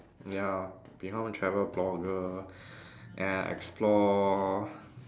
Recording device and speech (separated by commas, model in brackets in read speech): standing microphone, conversation in separate rooms